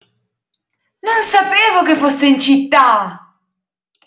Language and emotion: Italian, surprised